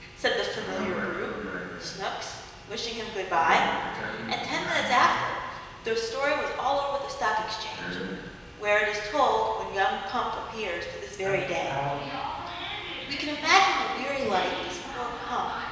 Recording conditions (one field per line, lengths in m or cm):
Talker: one person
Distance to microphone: 1.7 m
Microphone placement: close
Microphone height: 1.0 m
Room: very reverberant, large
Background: television